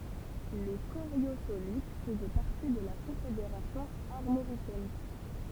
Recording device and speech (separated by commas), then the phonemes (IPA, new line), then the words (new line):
temple vibration pickup, read sentence
le koʁjozolit fəzɛ paʁti də la kɔ̃fedeʁasjɔ̃ aʁmoʁikɛn
Les Coriosolites faisaient partie de la Confédération armoricaine.